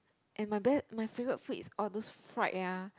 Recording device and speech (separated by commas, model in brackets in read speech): close-talking microphone, conversation in the same room